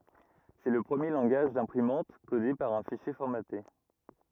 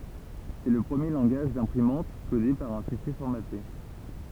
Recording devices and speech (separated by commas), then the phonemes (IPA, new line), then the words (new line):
rigid in-ear microphone, temple vibration pickup, read sentence
sɛ lə pʁəmje lɑ̃ɡaʒ dɛ̃pʁimɑ̃t kode paʁ œ̃ fiʃje fɔʁmate
C'est le premier langage d'imprimante codé par un fichier formaté.